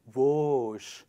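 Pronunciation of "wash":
'wash' is pronounced incorrectly here.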